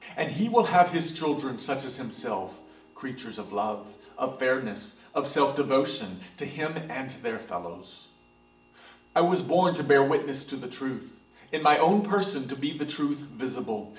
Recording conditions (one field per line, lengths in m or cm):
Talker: one person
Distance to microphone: 1.8 m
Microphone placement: close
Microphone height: 1.0 m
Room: large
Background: music